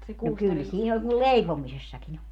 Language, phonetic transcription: Finnish, no 'kyl 'siin ‿oĺ kul "leipomisessakin ‿o .
- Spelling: no kyllä siinä oli kun leipomisessakin on

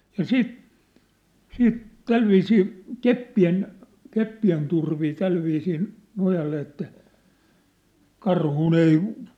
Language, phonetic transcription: Finnish, ja "siit , 'siit , 'tälviisii , 'keppi₍en , 'keppi₍en turvij (ja̭) 'tälviisiin , 'nojalle että , 'karhùn ‿ei ,.
- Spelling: ja sitten sitten tällä viisiin keppien keppien turvin ja tällä viisiin nojalle että karhun ei

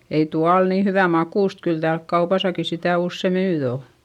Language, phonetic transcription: Finnish, ei tua ol nii hyvä makùst - kyl täälk kaupasaki sitä̀ usse nyy o .
- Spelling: ei tuo ole niin hyvän makuista kyllä täällä kaupassakin sitä usein nyt on

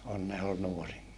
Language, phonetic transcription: Finnish, Onne ol nuori(n) .
- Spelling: Onne oli nuorin

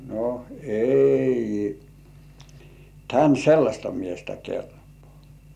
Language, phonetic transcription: Finnish, no , » "ei , tän "sellaśta 'miestä kelpᴏ̆ᴀ̀ « .
- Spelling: no ei tänne sellaista miestä kelpaa

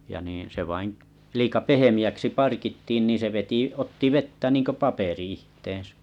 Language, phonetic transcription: Finnish, ja niiḭ , se 'vain , liika 'pehemi₍äksi 'parkittiin niin se 'veti 'otti "vettä niiŋko "paperi 'ihteeḛsä .
- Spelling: ja niin se vain liian pehmeäksi parkittiin niin se veti otti vettä niin kuin paperi itseensä

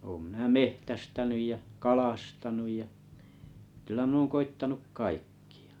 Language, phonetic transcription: Finnish, òm minä "mehtästänyj jä , "kalastanuj ja , kylä mⁱn ‿ooŋ 'koittanuk 'kaikkɪ₍ᴀ .
- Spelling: olen minä metsästänyt ja kalastanut ja kyllä minä olen koettanut kaikkia

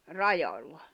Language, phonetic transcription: Finnish, 'rajoĺla .
- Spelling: rajalla

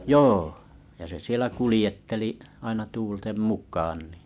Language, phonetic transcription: Finnish, joo , ja se sielä 'kulⁱjetteli’ , aina 'tuultem "muk̀aan nì .
- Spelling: joo ja se siellä kuljetteli aina tuulten mukaan niin

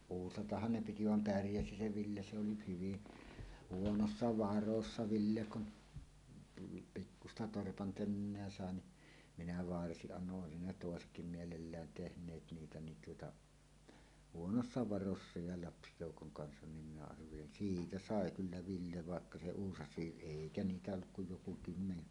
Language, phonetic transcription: Finnish, uusatahhan 'ne 'piti vam "pärjäsi 'se 'Ville se oli 'hyvi , "huonossa 'varossa 'Ville kun , tullu , 'pikkusta 'torpan "tönneä sàe ni , 'minä "varsiˀ 'ˀanno’ ’oesin ne "tòesetkim "mielellään 'tehǹeet niitä nin tuota , "huonossa "varossa ja "lapsijòukoŋ 'kansan nim minä arvelin "siitä "sàe 'kyllä 'Ville 'vàekka 'se "uusas̀iiˀ "ˀèikä 'niitä olluk kuj joku kymmene .
- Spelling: uusatahan ne piti vaan pärjäsi se Ville se oli hyvin huonoissa varoissa Ville kun tullut pikkuista torpan tönöä sai niin minä varsin annoin olisi ne toisetkin mielellään tehneet niitä niin tuota huonoissa varoissa ja lapsijoukon kanssa niin minä arvelin siitä sai kyllä Ville vaikka se uusaisi eikä niitä ollut kuin joku kymmenen

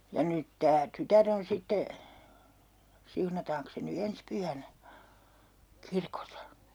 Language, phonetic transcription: Finnish, ja 'nyt 'tää "tytär ‿on 'sitte , 'siunataaŋks se ny 'ens "pyhänä , "kirkosa .
- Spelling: ja nyt tämä tytär on sitten siunataankos se nyt ensi pyhänä kirkossa

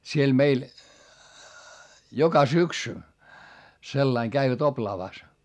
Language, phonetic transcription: Finnish, siel meil , joka syksy , sellaiŋ käivät oplaavàs .
- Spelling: siellä meillä joka syksy sillä lailla kävivät oplaavassa

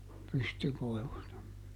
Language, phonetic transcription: Finnish, ˈpystykoi̮vusta .
- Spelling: pystykoivusta

